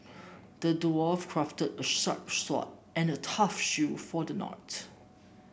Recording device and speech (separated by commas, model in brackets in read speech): boundary microphone (BM630), read sentence